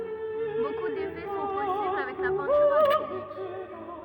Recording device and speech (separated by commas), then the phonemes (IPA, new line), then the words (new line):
rigid in-ear microphone, read sentence
boku defɛ sɔ̃ pɔsibl avɛk la pɛ̃tyʁ akʁilik
Beaucoup d'effets sont possibles avec la peinture acrylique.